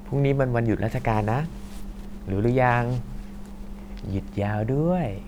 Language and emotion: Thai, happy